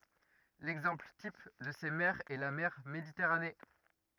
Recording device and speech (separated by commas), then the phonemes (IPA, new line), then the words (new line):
rigid in-ear microphone, read sentence
lɛɡzɑ̃pl tip də se mɛʁz ɛ la mɛʁ meditɛʁane
L'exemple type de ces mers est la mer Méditerranée.